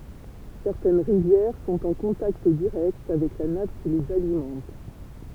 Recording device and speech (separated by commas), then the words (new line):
temple vibration pickup, read sentence
Certaines rivières sont en contact direct avec la nappe qui les alimente.